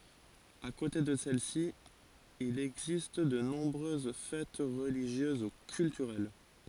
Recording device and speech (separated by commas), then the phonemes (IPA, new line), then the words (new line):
forehead accelerometer, read sentence
a kote də sɛlɛsi il ɛɡzist də nɔ̃bʁøz fɛt ʁəliʒjøz u kyltyʁɛl
À côté de celles-ci, il existe de nombreuses fêtes religieuses ou culturelles.